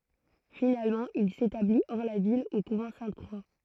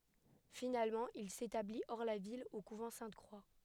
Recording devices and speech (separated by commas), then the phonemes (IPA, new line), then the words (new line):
throat microphone, headset microphone, read sentence
finalmɑ̃ il setabli ɔʁ la vil o kuvɑ̃ sɛ̃tkʁwa
Finalement, il s'établit, hors la ville, au couvent Sainte-Croix.